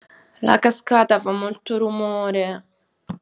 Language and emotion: Italian, sad